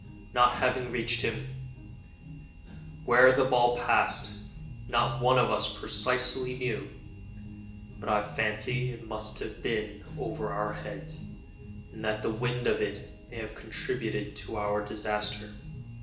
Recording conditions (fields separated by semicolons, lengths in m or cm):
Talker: one person; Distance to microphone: 1.8 m; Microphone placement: close; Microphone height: 1.0 m; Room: large; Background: music